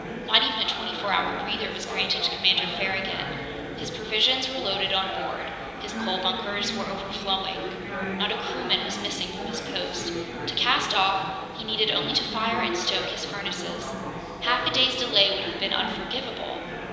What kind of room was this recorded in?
A big, very reverberant room.